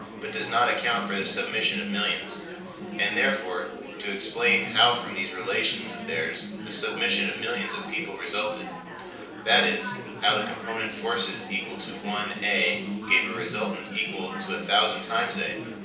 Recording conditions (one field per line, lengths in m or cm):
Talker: one person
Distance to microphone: 3.0 m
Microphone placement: far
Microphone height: 1.8 m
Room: small (3.7 m by 2.7 m)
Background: babble